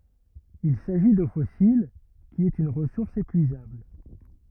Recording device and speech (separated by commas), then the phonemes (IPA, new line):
rigid in-ear microphone, read sentence
il saʒi do fɔsil ki ɛt yn ʁəsuʁs epyizabl